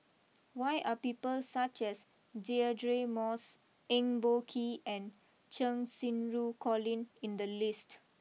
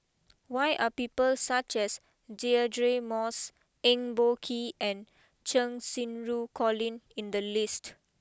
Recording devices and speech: mobile phone (iPhone 6), close-talking microphone (WH20), read sentence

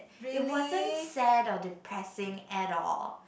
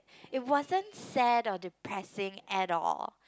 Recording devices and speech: boundary microphone, close-talking microphone, conversation in the same room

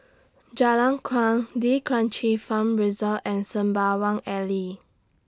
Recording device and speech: standing microphone (AKG C214), read sentence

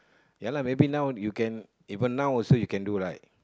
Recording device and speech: close-talking microphone, conversation in the same room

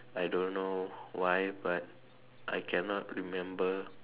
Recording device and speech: telephone, conversation in separate rooms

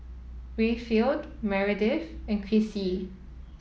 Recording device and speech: mobile phone (iPhone 7), read sentence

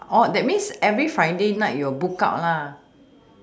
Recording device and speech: standing microphone, conversation in separate rooms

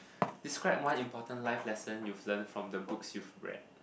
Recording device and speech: boundary microphone, conversation in the same room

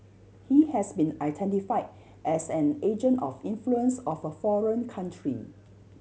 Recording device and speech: mobile phone (Samsung C7100), read sentence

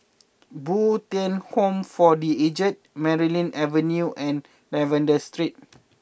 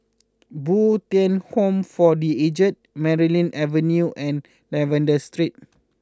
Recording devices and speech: boundary microphone (BM630), close-talking microphone (WH20), read sentence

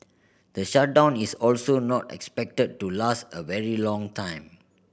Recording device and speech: boundary microphone (BM630), read sentence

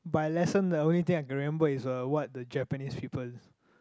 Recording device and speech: close-talking microphone, conversation in the same room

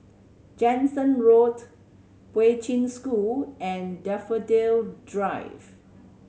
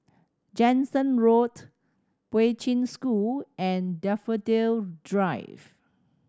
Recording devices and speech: mobile phone (Samsung C7100), standing microphone (AKG C214), read sentence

